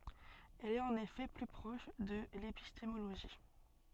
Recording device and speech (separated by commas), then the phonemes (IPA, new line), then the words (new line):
soft in-ear microphone, read sentence
ɛl ɛt ɑ̃n efɛ ply pʁɔʃ də lepistemoloʒi
Elle est en effet plus proche de l'épistémologie.